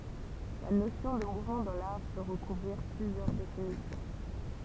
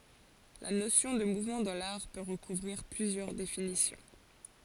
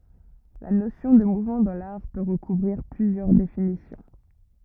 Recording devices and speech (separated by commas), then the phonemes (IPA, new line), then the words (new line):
temple vibration pickup, forehead accelerometer, rigid in-ear microphone, read sentence
la nosjɔ̃ də muvmɑ̃ dɑ̃ laʁ pø ʁəkuvʁiʁ plyzjœʁ definisjɔ̃
La notion de mouvement dans l'art peut recouvrir plusieurs définitions.